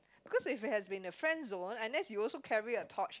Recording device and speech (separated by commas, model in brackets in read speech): close-talking microphone, conversation in the same room